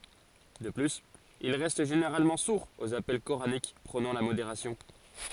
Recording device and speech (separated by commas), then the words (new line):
forehead accelerometer, read sentence
De plus, ils restent généralement sourds aux appels coraniques prônant la modération.